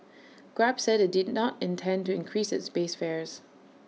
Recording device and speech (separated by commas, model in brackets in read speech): mobile phone (iPhone 6), read sentence